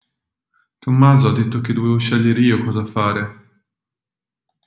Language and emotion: Italian, sad